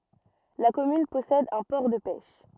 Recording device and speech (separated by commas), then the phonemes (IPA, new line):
rigid in-ear microphone, read sentence
la kɔmyn pɔsɛd œ̃ pɔʁ də pɛʃ